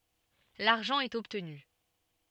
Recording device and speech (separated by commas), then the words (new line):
soft in-ear microphone, read sentence
L'argent est obtenu.